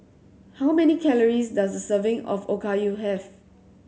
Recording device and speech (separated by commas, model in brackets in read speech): mobile phone (Samsung C7100), read sentence